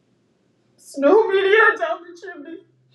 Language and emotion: English, sad